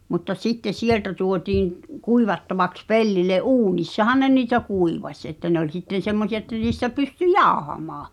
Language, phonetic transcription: Finnish, mutta 'sittes "sieltä 'tuotiiŋ ᵏ- , 'kuivattavaks "pellile , "’uunissahan ne niitä "kuivaś ᵉttä ne ‿oĺ sitten̬ 'semmosi₍a että niistä pysty "jaohamaa .
- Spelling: mutta sitten sieltä tuotiin - kuivattavaksi pellille uunissahan ne niitä kuivasi että ne oli sitten semmoisia että niistä pystyi jauhamaan

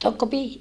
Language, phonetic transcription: Finnish, tokko pi - ,.
- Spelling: tokko -

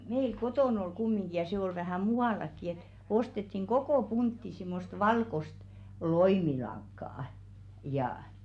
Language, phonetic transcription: Finnish, 'meil "kotòn ‿ol 'kummiŋɢi ja se ol vähä̀ "mu₍àlakki et , 'ostettiŋ "ɢokò 'puntti simmost 'valkost , "loimilaŋkkà₍ᵃ , jàʰ .
- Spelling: meillä kotona oli kumminkin ja se oli vähän muuallakin että ostettiin koko puntti semmoista valkoista loimilankaa ja

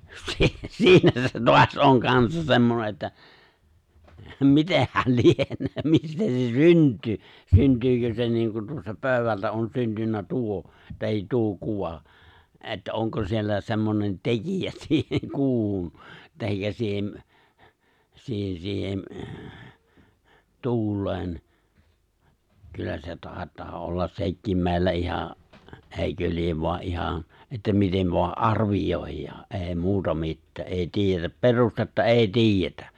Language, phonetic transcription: Finnish, 'se , 'siinä se 'toas '’oŋ 'kansas 'semmone että , 'mitehhä̀l "lienöö , 'mistä se "synt̀yy , 'synt̀yykö se 'niiŋku tuosta 'pö̀y̬wältä ’on 'syntynnä "tuo , tahit "tuo 'kuva , ’e̬ttä '’oŋko siellä 'se̬mmonen "tekijä siiheŋ 'kuuhun , tahikka 'siihem , 'siihen 'siihem , "tu̬ul̆leen , 'kyllä se 'tàet̀aa ollas 'sekkiim 'mè̬i̬llä iha , '’èikö 'liev voa '’iha , että 'mitev voa "’arvijòijjaa , '’e̬e̬ 'muuta 'mittää’ '’ee 'ti̬ijjetäp "perustetta "’è̬i "ti̬ijjetä .
- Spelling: se siinä se taas on kanssa semmoinen että mitenhän lienee mistä se syntyy syntyykö se niin kuin tuosta pöydältä on syntynyt tuo tai tuo kuva että onko siellä semmoinen tekijä siihen kuuhun tai siihen siihen siihen tuuleen kyllä se taitaa olla sekin meillä ihan eikö lie vain ihan että miten vain arvioidaan ei muuta mitään ei tiedetä perustetta ei tiedetä

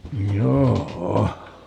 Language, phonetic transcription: Finnish, "joo₍'o .
- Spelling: joo

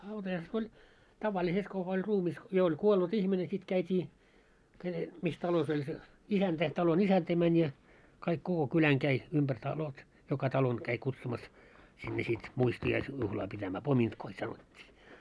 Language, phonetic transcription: Finnish, hautajaiset 'oĺ , 'tavaliset kuka oĺ 'ruumis , 'jo oĺ 'kuollut "ihmine sit 'käitii , ke- , mis 'talos ‿oĺ se , 'isäntä , talon 'isäntä mäń ja , 'kaik 'koko 'kyläŋ 'käi , umʙär talot , 'joka 'talon käi kutsumas , sinne sit , 'muisti₍ais- , juhlaa pitämää , "pomintkoi sanot́t́ii .
- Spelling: hautajaiset oli tavalliset kuka oli ruumis jo oli kuollut ihminen sitten käytiin - missä talossa oli se isäntä talon isäntä meni ja kaikki koko kylän kävi ympäri talot joka talon kävi kutsumassa sinne sitten - muistiaisjuhlaa pitämään pomintkoi sanottiin

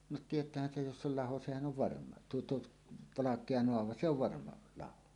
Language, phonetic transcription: Finnish, no "tiet̀äähän 'sej jos s ‿ol "laho 'sehän "on "varma , 'tuo 'tuot , "valak̀ea 'noava se ‿ov "varma , 'laho .
- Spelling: no tietäähän sen jos se oli laho sehän on varma tuo tuo valkea naava se on varma laho

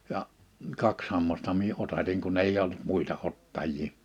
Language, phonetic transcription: Finnish, ja , 'kaks hammasta mie 'otatiŋ 'kunn ‿eij ‿olt 'muita 'ottajji ,.
- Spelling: ja kaksi hammasta minä otatin kun ei ollut muita ottajia

